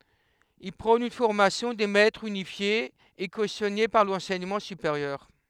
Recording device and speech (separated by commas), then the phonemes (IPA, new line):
headset microphone, read sentence
il pʁɔ̃n yn fɔʁmasjɔ̃ de mɛtʁz ynifje e kosjɔne paʁ lɑ̃sɛɲəmɑ̃ sypeʁjœʁ